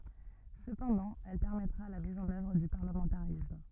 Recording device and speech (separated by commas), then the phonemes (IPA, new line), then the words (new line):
rigid in-ear microphone, read sentence
səpɑ̃dɑ̃ ɛl pɛʁmɛtʁa la miz ɑ̃n œvʁ dy paʁləmɑ̃taʁism
Cependant, elle permettra la mise en œuvre du parlementarisme.